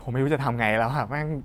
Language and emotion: Thai, sad